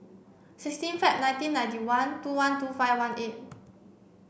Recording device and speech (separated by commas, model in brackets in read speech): boundary microphone (BM630), read sentence